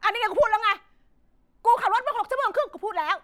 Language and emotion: Thai, angry